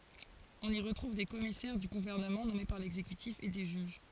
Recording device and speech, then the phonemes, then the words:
forehead accelerometer, read sentence
ɔ̃n i ʁətʁuv de kɔmisɛʁ dy ɡuvɛʁnəmɑ̃ nɔme paʁ lɛɡzekytif e de ʒyʒ
On y retrouve des commissaires du gouvernement nommés par l'exécutif et des juges.

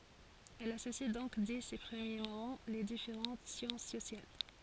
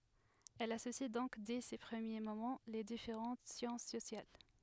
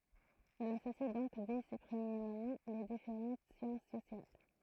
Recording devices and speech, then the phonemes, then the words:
forehead accelerometer, headset microphone, throat microphone, read sentence
ɛl asosi dɔ̃k dɛ se pʁəmje momɑ̃ le difeʁɑ̃t sjɑ̃s sosjal
Elle associe donc dès ses premiers moments les différentes sciences sociales.

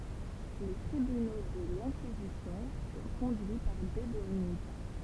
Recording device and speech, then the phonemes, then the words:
temple vibration pickup, read sentence
le tʁibyno də lɛ̃kizisjɔ̃ fyʁ kɔ̃dyi paʁ de dominikɛ̃
Les tribunaux de l'Inquisition furent conduits par des dominicains.

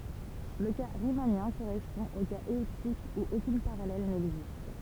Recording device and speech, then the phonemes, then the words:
temple vibration pickup, read sentence
lə ka ʁimanjɛ̃ koʁɛspɔ̃ o kaz ɛliptik u okyn paʁalɛl nɛɡzist
Le cas riemannien correspond au cas elliptique où aucune parallèle n'existe.

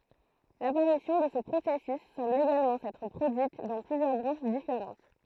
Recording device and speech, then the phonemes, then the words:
throat microphone, read sentence
lapaʁisjɔ̃ də sə pʁosɛsys sɑ̃bl eɡalmɑ̃ sɛtʁ pʁodyit dɑ̃ plyzjœʁ bʁɑ̃ʃ difeʁɑ̃t
L'apparition de ce processus semble également s'être produite dans plusieurs branches différentes.

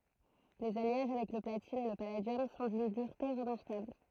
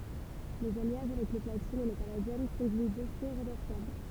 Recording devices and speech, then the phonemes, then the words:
throat microphone, temple vibration pickup, read sentence
lez aljaʒ avɛk lə platin e lə paladjɔm sɔ̃ dyn dyʁte ʁəmaʁkabl
Les alliages avec le platine et le palladium sont d'une dureté remarquable.

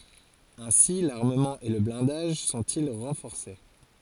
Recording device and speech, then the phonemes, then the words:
forehead accelerometer, read sentence
ɛ̃si laʁməmɑ̃ e lə blɛ̃daʒ sɔ̃ti ʁɑ̃fɔʁse
Ainsi l'armement et le blindage sont-ils renforcés.

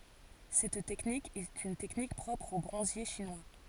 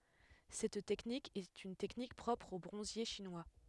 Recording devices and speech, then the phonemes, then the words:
forehead accelerometer, headset microphone, read sentence
sɛt tɛknik ɛt yn tɛknik pʁɔpʁ o bʁɔ̃zje ʃinwa
Cette technique est une technique propre aux bronziers chinois.

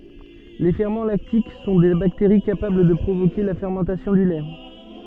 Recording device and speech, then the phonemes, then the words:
soft in-ear microphone, read sentence
le fɛʁmɑ̃ laktik sɔ̃ de bakteʁi kapabl də pʁovoke la fɛʁmɑ̃tasjɔ̃ dy lɛ
Les ferments lactiques sont des bactéries capables de provoquer la fermentation du lait.

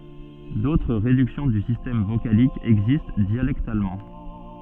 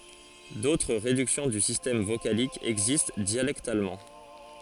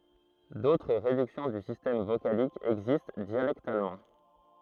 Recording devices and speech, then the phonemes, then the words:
soft in-ear microphone, forehead accelerometer, throat microphone, read sentence
dotʁ ʁedyksjɔ̃ dy sistɛm vokalik ɛɡzist djalɛktalmɑ̃
D'autres réductions du système vocalique existent dialectalement.

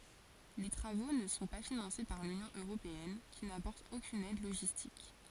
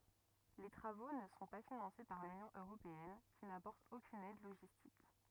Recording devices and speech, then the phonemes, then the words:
forehead accelerometer, rigid in-ear microphone, read sentence
le tʁavo nə sɔ̃ pa finɑ̃se paʁ lynjɔ̃ øʁopeɛn ki napɔʁt okyn ɛd loʒistik
Les travaux ne sont pas financés par l'Union européenne, qui n'apporte aucune aide logistique.

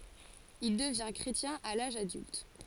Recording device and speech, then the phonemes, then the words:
forehead accelerometer, read sentence
il dəvɛ̃ kʁetjɛ̃ a laʒ adylt
Il devint chrétien à l'âge adulte.

